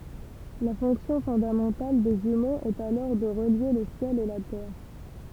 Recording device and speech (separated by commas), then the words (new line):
temple vibration pickup, read sentence
La fonction fondamentale des jumeaux est alors de relier le ciel et la terre.